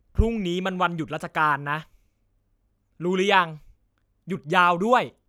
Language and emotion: Thai, angry